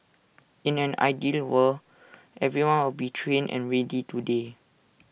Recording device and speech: boundary microphone (BM630), read sentence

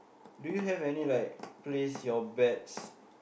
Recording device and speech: boundary microphone, conversation in the same room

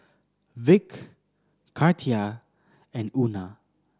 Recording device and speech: standing microphone (AKG C214), read sentence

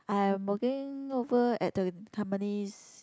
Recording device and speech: close-talking microphone, conversation in the same room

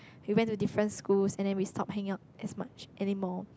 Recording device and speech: close-talking microphone, conversation in the same room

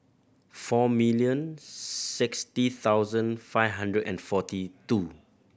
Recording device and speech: boundary microphone (BM630), read sentence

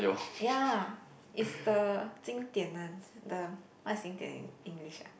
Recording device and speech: boundary microphone, conversation in the same room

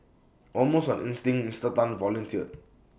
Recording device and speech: boundary microphone (BM630), read sentence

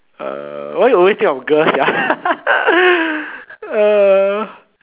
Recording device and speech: telephone, conversation in separate rooms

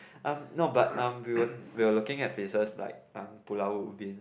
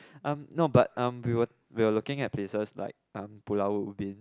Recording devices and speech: boundary microphone, close-talking microphone, conversation in the same room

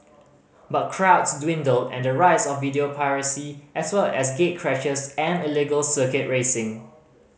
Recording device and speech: mobile phone (Samsung C5010), read sentence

